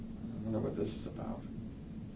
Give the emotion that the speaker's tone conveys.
neutral